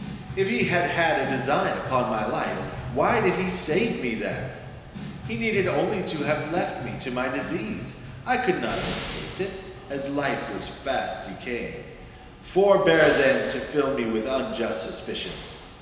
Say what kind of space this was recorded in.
A large, echoing room.